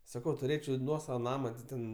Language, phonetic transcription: Lithuanian, saˈkau tuˈrėčiau ˈnuosava ˈnama ti ˈten

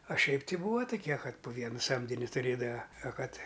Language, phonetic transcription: Lithuanian, a ˈšiaip ˈti ˈbūva tuˈkie ˈkad pu ˈviena ˈsamdini tuˈrėdava a ˈkad

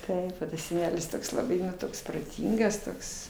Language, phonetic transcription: Lithuanian, ˈtaip o tas seˈnelis ˈtoks laˈbai nu ˈtoks proˈtyngas ˈtoks

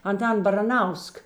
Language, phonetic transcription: Lithuanian, anˈtan baraˈnausk

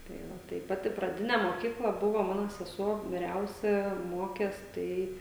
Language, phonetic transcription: Lithuanian, ˈtai ˈva tai ˈpati praˈdine moˈkykla ˈbuvo ˈmano seˈsuo viˈriausia ˈmokės ˈtai

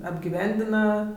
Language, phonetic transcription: Lithuanian, apgiˈvendina

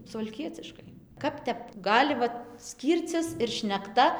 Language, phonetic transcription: Lithuanian, suvalˈkieciškai ˈkap tep ˈgali ˈvat ˈskyrcis ir šnekˈta

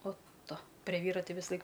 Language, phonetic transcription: Lithuanian, ot ˈtu pre ˈvyra ˈti visaˈlaik

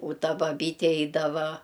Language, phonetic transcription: Lithuanian, u ˈta baˈbyte ˈeidava

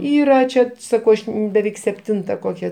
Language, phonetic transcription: Lithuanian, ˈyra ˈčia ˈsakau ˈaš beˈveik sepˈtinta ˈkokia

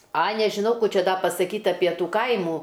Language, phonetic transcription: Lithuanian, a nežiˈnau ˈkų ˈčia ˈdą pasaˈkyt' ˈapie ˈtų ˈkaimų

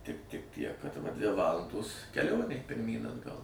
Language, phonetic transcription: Lithuanian, tik tik tiek kad va dvi ˈvalandos keˈlionė pirˈmyn atˈgal

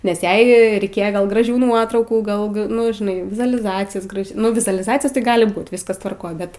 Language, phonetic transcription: Lithuanian, nes ˈjai reiˈkėje gal graˈžių ˈnuotraukų ˈgal ga ˈnu žiˈnai vizualiˈzacijos ˈgražė ˈnu vizualiˈzacijos tai ˈgali ˈbūt ˈviskas tvarˈkoj ˈbet

